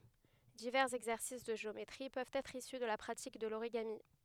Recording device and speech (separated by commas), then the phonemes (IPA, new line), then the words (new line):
headset microphone, read sentence
divɛʁz ɛɡzɛʁsis də ʒeometʁi pøvt ɛtʁ isy də la pʁatik də loʁiɡami
Divers exercices de géométrie peuvent être issus de la pratique de l'origami.